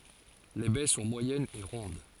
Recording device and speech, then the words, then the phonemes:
forehead accelerometer, read sentence
Les baies sont moyennes et rondes.
le bɛ sɔ̃ mwajɛnz e ʁɔ̃d

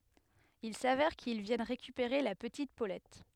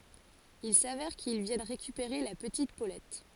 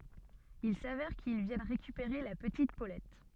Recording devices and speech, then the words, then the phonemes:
headset microphone, forehead accelerometer, soft in-ear microphone, read sentence
Il s'avère qu'ils viennent récupérer la petite Paulette.
il savɛʁ kil vjɛn ʁekypeʁe la pətit polɛt

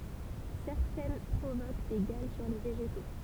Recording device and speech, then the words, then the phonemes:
temple vibration pickup, read sentence
Certaines provoquent des galles sur les végétaux.
sɛʁtɛn pʁovok de ɡal syʁ le veʒeto

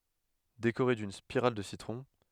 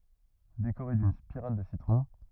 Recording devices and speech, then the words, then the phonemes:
headset microphone, rigid in-ear microphone, read sentence
Décorer d'une spirale de citron.
dekoʁe dyn spiʁal də sitʁɔ̃

